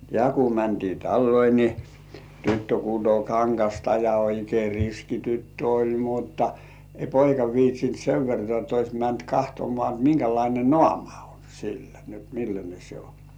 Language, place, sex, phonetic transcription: Finnish, Kurkijoki, male, ja ku 'mäntii "talloi ni , 'tyttö kuto "kaŋkasta ja oikei 'riski "tyttö 'oĺ "mutta , ĕĭ§ "poika viitsint 'sev vertŏà et 'ois mänt "kahtomŏ§à ot 'miŋkälaine "nŏàma o sillä ni ‿ot "milläne se 'o .
- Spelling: ja kun mentiin taloihin niin tyttö kutoi kangasta ja oikein riski tyttö oli mutta ei poika viitsinyt sen vertaa että olisi mennyt katsomaan jotta minkälainen naama on sillä niin jotta millainen se on

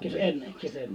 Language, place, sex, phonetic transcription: Finnish, Liperi, male, kì(to)'s ‿en , kì(to)'s ‿en .
- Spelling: kiitos en kiitos en

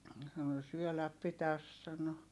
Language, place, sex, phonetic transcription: Finnish, Heinola, female, sano » syöläp pitäs » sano .
- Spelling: sanoi syödä pitäisi sanoi

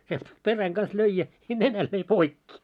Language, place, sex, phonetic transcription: Finnish, Moloskovitsa, male, sielt , "peräŋ ɢaⁿs 'löi ja , 'nenäl löi "poikki .
- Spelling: sieltä perän kanssa löi ja nenän löi poikki

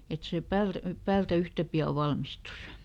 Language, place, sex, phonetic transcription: Finnish, Lieto, female, ˈet se ˈpäyr- , ˈpäältä "yhtä pi₍a ˈvalmistus .
- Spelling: että se - päältä yhtä pian valmistuisi

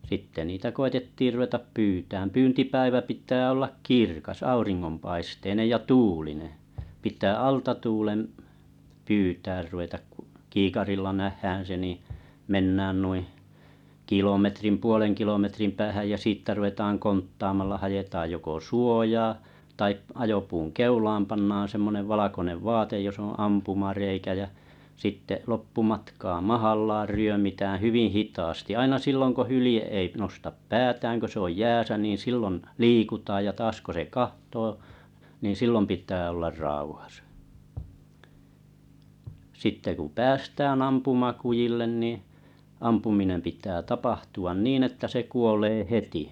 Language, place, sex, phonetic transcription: Finnish, Kalajoki, male, 'sitte niitä 'ko₍etettiir ruvetap "pyytääm 'pyyntipäivä 'pit̆tää ollak "kirkas 'auriŋŋompaisteinej ja "tu͕u͕line , pit̀ää "alta 'tuulem’ , "pyytäär ruvetak kᴜ , 'kiikarilla "nähhään̬ se ni , "mennään nuiⁱ , "kilometrim "puoleŋ kilometrim 'päähäj jä' siittä ruvetaaŋ "konttaamalla 'hajetaaj joko "suojaa , tai 'ajopuuŋ "keulaam pannaan̬ semmonev 'valakonev "vaatej jos ‿oo̰ 'ampumarèikä jä sitte 'loppumatkaa "mahallaar "ryömitäää̰ 'hyvi "hitaasti aina 'silloŋ ko 'hylⁱje ei nostap "päätääŋ kö se ‿oj "jääsä nìn 'sillon , "liikutaaj ja 'taas ko se "kahtoo , niⁿ "sillom 'pit̀ää ollar 'sitte ku 'sitte ku "päästääⁿ ampumakujillen nì , 'ampuminem pit̀ää 'tapahtu₍an 'niin että se 'kuolee "heti .
- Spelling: sitten niitä koetettiin ruveta pyytämään pyyntipäivä pitää olla kirkas auringonpaisteinen ja tuulinen pitää alta tuulen pyytämään ruveta kun kiikarilla nähdään se niin mennään noin kilometrin puolen kilometrin päähän ja siitä ruvetaan konttaamalla haetaan joko suojaa tai ajopuun keulaan pannaan semmoinen valkoinen vaate jossa on ampumareikä ja sitten loppumatkaa mahallaan ryömitään hyvin hitaasti aina silloin kun hylje ei nosta päätään kun se on jäässä niin silloin liikutaan ja taas kun se katsoo niin silloin pitää olla sitten kun sitten kun päästään ampumakudille niin ampuminen pitää tapahtua niin että se kuolee heti

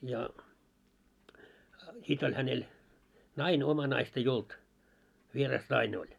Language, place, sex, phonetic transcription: Finnish, Moloskovitsa, male, ja , 'sit ‿oĺ 'hänel , "naine oma 'naist ‿ei "olt , 'vieras "naine oĺ .
- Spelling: ja sitten oli hänellä nainen omaa naista ei ollut vieras nainen oli

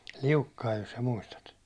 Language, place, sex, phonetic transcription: Finnish, Hollola, male, Liukkaij jos sa "muistat ?
- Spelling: Liukkanen jos sinä muistat

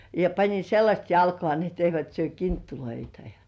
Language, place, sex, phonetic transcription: Finnish, Kurkijoki, female, ja pańin̬ 'sellaśt jalko§à ni ‿etteivät syö "kinttuloita jᴀ .
- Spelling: ja panin sellaiset jalkaan niin että eivät syö kinttuja ja

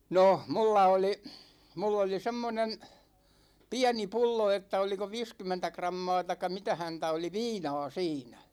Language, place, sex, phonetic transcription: Finnish, Ikaalinen, male, 'noh "mulla oli , 'mull ‿oli "semmonen , "piäni 'pullo että oliko "viiskymmentä 'krammaa taⁱk̆ka mitä 'häntä oli "viinaa̭ 'siinä .
- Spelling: no minulla oli minulla oli semmoinen pieni pullo että oliko viisikymmentä grammaa tai mitä häntä oli viinaa siinä

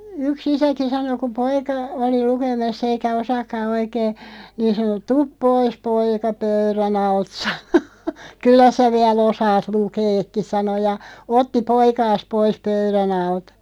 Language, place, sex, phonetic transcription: Finnish, Loppi, female, 'yk"s ‿isäki 'sano ku 'poika , oli 'lukeme̳§ss ‿eikä "osaakka 'oikee , 'niin̬ sano » "tup 'pois 'poika "pöyrä'n ‿alt « sano , » 'kyllä sä 'viɛ"l ‿osaat 'lukeekki « 'sano ja , "otti 'poikaas 'pois "pöyrä'n ‿altᴀ .
- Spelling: yksi isäkin sanoi kun poika oli lukemassa eikä osaakaan oikein niin sanoi tule pois poika pöydän alta sanoi kyllä sinä vielä osaat lukeakin sanoi ja otti poikansa pois pöydän alta

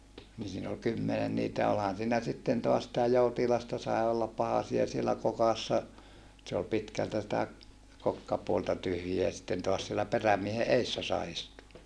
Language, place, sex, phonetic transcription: Finnish, Saarijärvi, male, ni siin ‿ol kymmenen niitä olhan siinä sitten toas sitä joutilasta sae ollap pahasia siellä kokassa , se ol pitkältä sⁱtä , kokkapuolta tyhjiä sitten toas siellä perämiehe eessä sai istua .
- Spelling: niin siinä oli kymmenen niitä olihan siinä sitten taas sitä joutilasta sai olla pahasia siellä kokassa se oli pitkältä sitä kokkapuolta tyhjiä sitten taas siellä perämiehen edessä sai istua

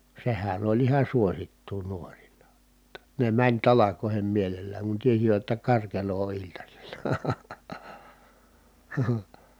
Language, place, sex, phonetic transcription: Finnish, Kitee, male, sehän ‿oĺ iha suosittuu nuoril̀a , [jot]ta ne mäń talakòi̮hem mielellääŋ kun tiesivät jotta karkelo o iltasi̮LA .
- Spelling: sehän oli ihan suosittua nuorilla jotta ne meni talkoisiin mielellään kun tiesivät jotta karkelo on iltasilla

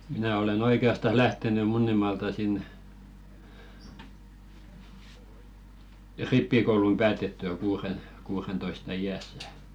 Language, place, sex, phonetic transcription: Finnish, Velkua, male, minä̀ olen 'oike₍astas "lähteny 'Munnimaalta sìn , "rippikoulum päätettyä kuuren- , kuurentoista 'i₍ässä .
- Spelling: minä olen oikeastaan lähtenyt Munnimaalta siinä rippikoulun päätettyä - kuudentoista iässä

